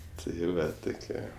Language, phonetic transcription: Lithuanian, tai ˈva ˈtukie

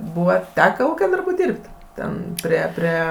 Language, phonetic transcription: Lithuanian, ˈbūva ˈteka ˈūke ˈdarbu ˈdyrb't' ˈten prie ˈprie

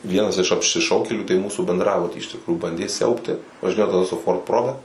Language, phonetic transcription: Lithuanian, ˈvienas iš apšiˈšaukėlių tai ˈmūsų bendˈrabutį iš tikˈrųjų ˈbandė ˈsiaubti važiˈnėjo gal su ˈford ˈprobe

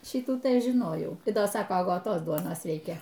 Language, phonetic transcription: Lithuanian, ˈšytų tai ˈaš žiˈnojau tai ˈda ˈsako agoˈtos ˈduonos ˈreikia

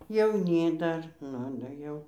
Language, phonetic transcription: Lithuanian, jauˈny ˈdar ˈnu da ˈjau

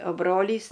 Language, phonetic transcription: Lithuanian, o ˈbrolys

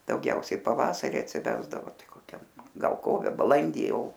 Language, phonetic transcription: Lithuanian, dauˈgiausiai paˈvasari atsiˈvesdavo ˈtai koˈkiam gal ˈkove baˈlandy ˈjau

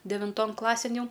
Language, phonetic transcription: Lithuanian, devinˈton ˈklasėn ˈjau

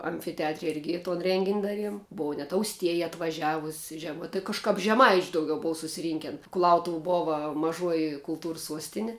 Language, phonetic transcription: Lithuanian, amfiteˈatre ˈirgi ton ˈrengin' ˈdaˌriem ˈbova net ausˈtieja atvaˈžiavus' žeˈmai tai kažˈkap žeˈmaič' dauˈgiau ˈbova susiˈrynken kuˈlautuv ˈbova maˈžuoji kulˈtūrs ˈsuostini

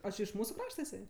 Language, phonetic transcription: Lithuanian, o ˈči iš ˈmūsu ˈkrašta iˈsai

